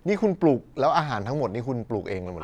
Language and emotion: Thai, neutral